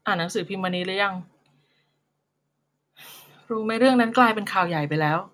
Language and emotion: Thai, frustrated